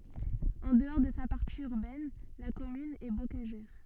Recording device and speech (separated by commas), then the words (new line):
soft in-ear microphone, read sentence
En dehors de sa partie urbaine, la commune est bocagère.